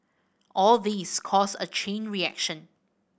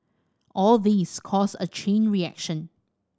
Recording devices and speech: boundary microphone (BM630), standing microphone (AKG C214), read sentence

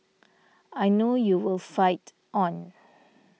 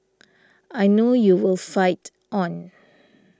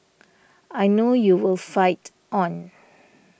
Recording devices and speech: mobile phone (iPhone 6), standing microphone (AKG C214), boundary microphone (BM630), read sentence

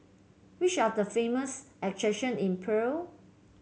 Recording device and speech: mobile phone (Samsung C7), read sentence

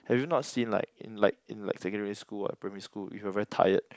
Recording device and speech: close-talking microphone, conversation in the same room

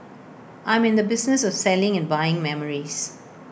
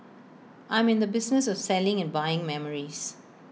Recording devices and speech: boundary microphone (BM630), mobile phone (iPhone 6), read sentence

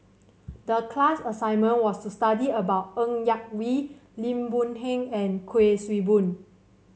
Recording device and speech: mobile phone (Samsung C7), read sentence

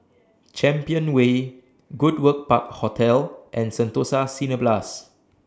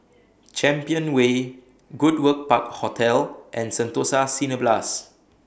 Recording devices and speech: standing microphone (AKG C214), boundary microphone (BM630), read sentence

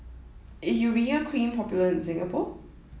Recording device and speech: mobile phone (iPhone 7), read sentence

